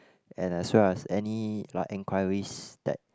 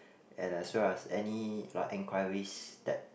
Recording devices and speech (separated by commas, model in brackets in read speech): close-talking microphone, boundary microphone, conversation in the same room